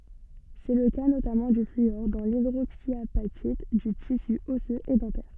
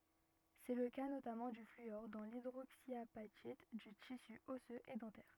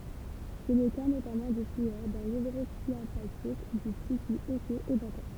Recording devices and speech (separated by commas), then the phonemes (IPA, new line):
soft in-ear microphone, rigid in-ear microphone, temple vibration pickup, read sentence
sɛ lə ka notamɑ̃ dy flyɔʁ dɑ̃ lidʁoksjapatit dy tisy ɔsøz e dɑ̃tɛʁ